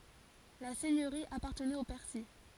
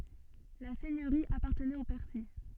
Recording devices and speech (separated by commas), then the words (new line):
forehead accelerometer, soft in-ear microphone, read sentence
La seigneurie appartenait aux Percy.